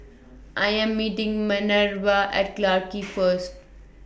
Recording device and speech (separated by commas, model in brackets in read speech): boundary microphone (BM630), read sentence